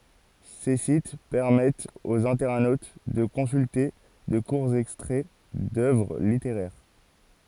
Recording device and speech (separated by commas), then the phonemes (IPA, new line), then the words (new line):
forehead accelerometer, read sentence
se sit pɛʁmɛtt oz ɛ̃tɛʁnot də kɔ̃sylte də kuʁz ɛkstʁɛ dœvʁ liteʁɛʁ
Ces sites permettent aux internautes de consulter de courts extraits d’œuvres littéraires.